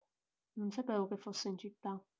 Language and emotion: Italian, neutral